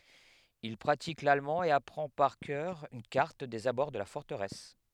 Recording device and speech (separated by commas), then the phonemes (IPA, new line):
headset microphone, read sentence
il pʁatik lalmɑ̃ e apʁɑ̃ paʁ kœʁ yn kaʁt dez abɔʁ də la fɔʁtəʁɛs